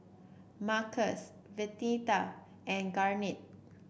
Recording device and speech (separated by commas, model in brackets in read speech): boundary microphone (BM630), read sentence